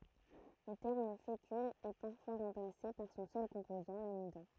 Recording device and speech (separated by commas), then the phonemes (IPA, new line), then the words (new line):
throat microphone, read sentence
lə tɛʁm fekyl ɛ paʁfwa ʁɑ̃plase paʁ sɔ̃ sœl kɔ̃pozɑ̃ lamidɔ̃
Le terme fécule est parfois remplacé par son seul composant, l'amidon.